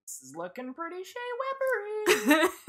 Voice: High pitched